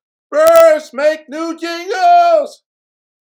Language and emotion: English, happy